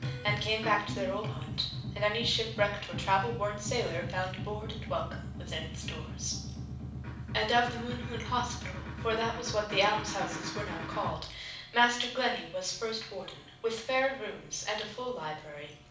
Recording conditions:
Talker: one person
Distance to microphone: 5.8 m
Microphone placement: far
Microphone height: 1.8 m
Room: medium-sized (5.7 m by 4.0 m)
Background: music

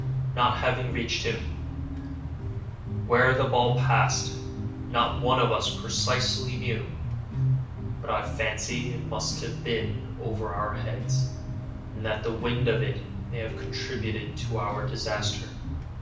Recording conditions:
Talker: one person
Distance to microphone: 5.8 m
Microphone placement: far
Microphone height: 1.8 m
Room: medium-sized (5.7 m by 4.0 m)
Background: music

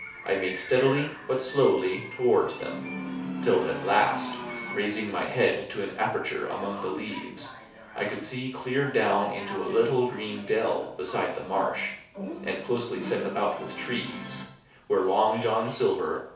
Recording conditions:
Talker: one person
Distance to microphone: 3.0 m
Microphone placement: far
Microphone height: 1.8 m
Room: small (3.7 m by 2.7 m)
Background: television

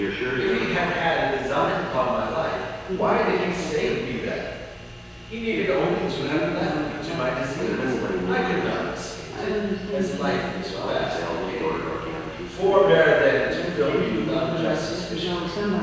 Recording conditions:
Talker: one person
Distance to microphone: 7.1 m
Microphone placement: far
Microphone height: 1.7 m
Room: very reverberant, large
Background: television

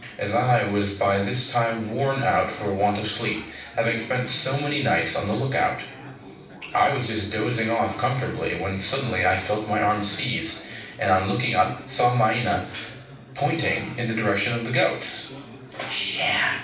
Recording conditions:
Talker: one person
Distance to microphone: 5.8 m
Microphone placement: far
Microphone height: 1.8 m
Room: medium-sized (5.7 m by 4.0 m)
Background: babble

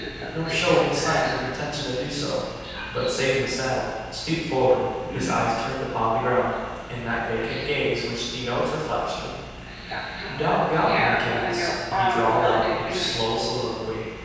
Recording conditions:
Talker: one person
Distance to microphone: 7.1 m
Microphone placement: far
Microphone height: 1.7 m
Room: very reverberant, large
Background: television

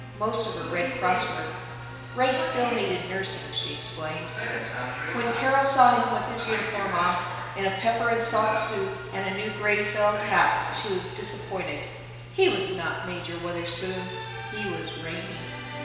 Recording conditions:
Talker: one person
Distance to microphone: 1.7 m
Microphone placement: close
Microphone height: 1.0 m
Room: very reverberant, large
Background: television

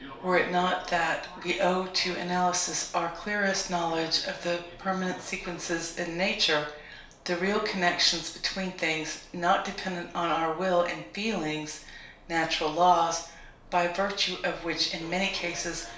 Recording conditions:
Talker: one person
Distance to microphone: 1.0 m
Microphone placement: close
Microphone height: 1.1 m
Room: small (3.7 m by 2.7 m)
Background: television

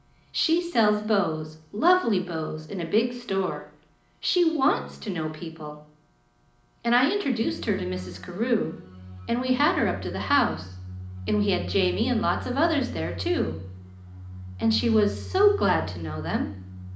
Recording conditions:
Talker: one person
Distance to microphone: 2.0 m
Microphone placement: close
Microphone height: 99 cm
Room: medium-sized (5.7 m by 4.0 m)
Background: music

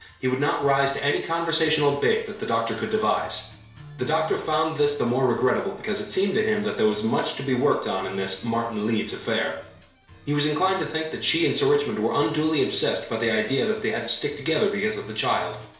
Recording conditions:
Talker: one person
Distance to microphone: 1.0 m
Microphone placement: close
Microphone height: 1.1 m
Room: small (3.7 m by 2.7 m)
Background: music

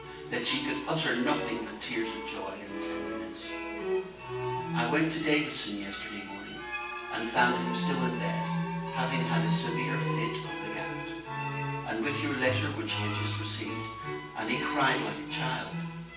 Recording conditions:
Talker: one person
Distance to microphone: 9.8 m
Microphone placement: far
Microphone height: 1.8 m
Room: large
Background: music

